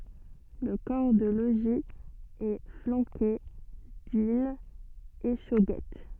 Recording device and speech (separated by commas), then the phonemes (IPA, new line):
soft in-ear microphone, read sentence
lə kɔʁ də loʒi ɛ flɑ̃ke dyn eʃoɡɛt